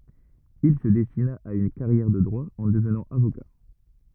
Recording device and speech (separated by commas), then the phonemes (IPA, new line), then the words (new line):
rigid in-ear microphone, read sentence
il sə dɛstina a yn kaʁjɛʁ də dʁwa ɑ̃ dəvnɑ̃ avoka
Il se destina à une carrière de droit en devenant avocat.